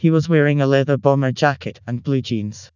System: TTS, vocoder